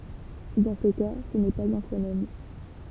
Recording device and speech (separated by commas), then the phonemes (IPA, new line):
temple vibration pickup, read sentence
dɑ̃ se ka sə nɛ paz œ̃ fonɛm